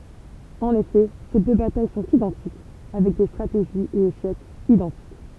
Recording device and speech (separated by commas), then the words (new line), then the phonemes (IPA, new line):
temple vibration pickup, read sentence
En effet, ces deux batailles sont identiques, avec des stratégies et échecs identiques.
ɑ̃n efɛ se dø bataj sɔ̃t idɑ̃tik avɛk de stʁateʒiz e eʃɛkz idɑ̃tik